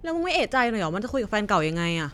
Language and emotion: Thai, angry